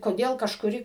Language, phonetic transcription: Lithuanian, koˈdėl kažkuˈri

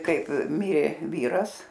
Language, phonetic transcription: Lithuanian, ˈkaip ˈmirė ˈvyras

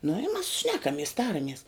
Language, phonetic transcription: Lithuanian, nu i mas ˈšnekamies ˈtaramies

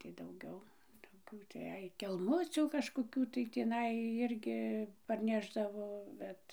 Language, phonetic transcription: Lithuanian, tai dauˈgiau toˈkių tai ˈai kelˈmucių kažkoˈkių tai tįˈnai ˈirgi parˈnešdavo ˈbet

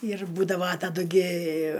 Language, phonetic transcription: Lithuanian, ir ˈbūdava taˈdu gi

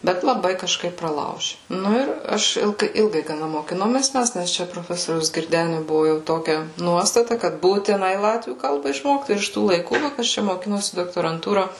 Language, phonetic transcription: Lithuanian, ˈbet laˈbai kažˈkaip praˈlauži ˈnu ir ˈaš ˈilgai ˈilgai gaˈna mokiˈnomės ˈmes ˈnes čia proˈfesoriaus girˈdeniu ˈbuvu jau ˈtokia ˈnuostata kad būtiˈnai ˈlatvių ˈkalba išˈmokt ir iš ˈtų laiˈkų va ˈkas čia moˈkinosi doktoranˈtūra

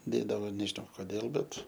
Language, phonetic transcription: Lithuanian, ˈdėdavo nežiˈnau koˈdėl ˈbet

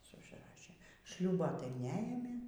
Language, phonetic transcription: Lithuanian, ˈsu užˈrašė ˈšliūbo tai neˈėmė

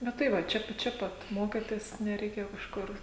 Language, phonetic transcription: Lithuanian, ˈnu tai ˈva ˈčia čia ˈpat ˈmokėtės nereiˈkėjo kažˈkur

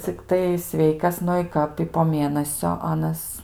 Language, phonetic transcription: Lithuanian, cikˈtai ˈsveikas ˈnu i ˈkap i po ˈmėnasio ˈanas

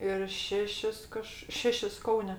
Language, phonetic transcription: Lithuanian, ir ˈšešis ˈkaž ˈšešis ˈkaune

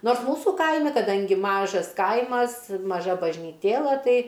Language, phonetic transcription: Lithuanian, ˈnors ˈmūsų ˈkaimi kaˈdangi ˈmažas ˈkaimas maˈža bažnyˈtėla ˈtai

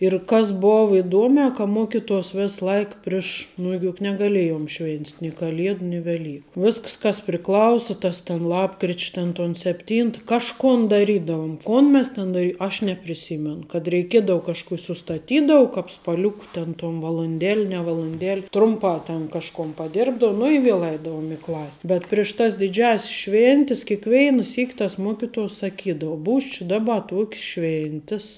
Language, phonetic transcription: Lithuanian, ir ˈkas ˈbov iˈduome ka ˈmokituos ˈvės ˈlaik ˈpriš nu juk negaˈlėjom ˈšvėnst' ni kaˈliedu ni veˈlyku ˈvisks ˈkas priˈklausi ˈtas ten ˈlapkrič' ˈten ton sepˈtynt kažˈkun daˈrydavum ˈkun mes ten daˈry ˈaš nepriˈsymen kad reiˈkiedau kažˈku i sustaˈtydau ˈkāp spaˈliuku ten tom valunˈdel' ne valunˈdel' ˈtrumpā ten kažˈkon paˈdirbdou nu i ˈvėl ˈaidaum i ˈklas' bet ˈpriš ˌtas diˈdžiąs's ˈšvėntis kėkˈveina ˈsyk' tas ˈmuokituos saˈkydau ˈbūs či ˈdaba ˈtuok's ˈšvėntis

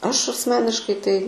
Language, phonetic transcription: Lithuanian, ˈaš asˈmeniškai ˈtai

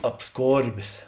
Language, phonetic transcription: Lithuanian, apˈskorbės

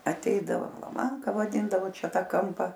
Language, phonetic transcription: Lithuanian, aˈteidavo laˈmanka vaˈdindavo ˈčia ˈtą ˈkampa

